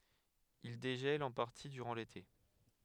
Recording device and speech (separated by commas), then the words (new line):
headset microphone, read sentence
Ils dégèlent en partie durant l'été.